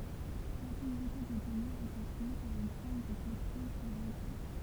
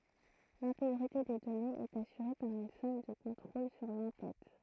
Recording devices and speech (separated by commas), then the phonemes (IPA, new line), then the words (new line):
temple vibration pickup, throat microphone, read sentence
lɛ̃teɡʁite de dɔnez ɛt asyʁe paʁ yn sɔm də kɔ̃tʁol syʁ lɑ̃ tɛt
L'intégrité des données est assurée par une somme de contrôle sur l'en-tête.